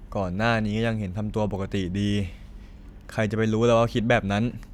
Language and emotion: Thai, frustrated